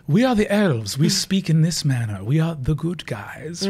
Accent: English accent